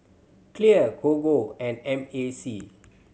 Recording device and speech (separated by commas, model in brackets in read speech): mobile phone (Samsung C7100), read sentence